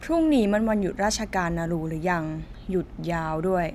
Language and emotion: Thai, frustrated